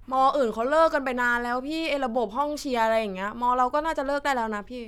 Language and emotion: Thai, frustrated